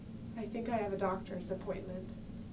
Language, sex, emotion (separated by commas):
English, female, sad